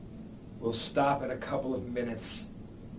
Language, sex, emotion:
English, male, angry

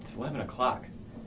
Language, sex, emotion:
English, male, neutral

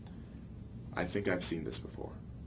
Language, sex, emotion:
English, male, neutral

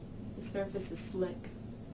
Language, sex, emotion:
English, female, neutral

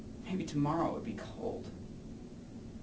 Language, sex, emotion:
English, male, neutral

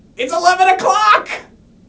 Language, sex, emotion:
English, male, happy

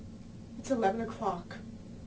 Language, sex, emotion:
English, female, neutral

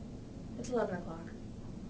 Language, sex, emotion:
English, female, neutral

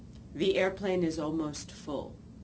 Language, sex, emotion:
English, female, neutral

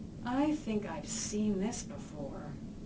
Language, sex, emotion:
English, female, neutral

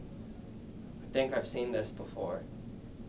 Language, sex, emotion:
English, male, neutral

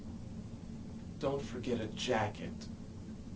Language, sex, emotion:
English, male, disgusted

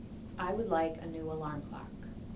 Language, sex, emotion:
English, female, neutral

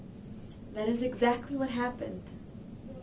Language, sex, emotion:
English, female, neutral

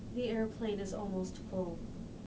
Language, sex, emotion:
English, female, neutral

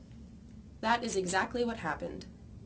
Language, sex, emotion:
English, female, neutral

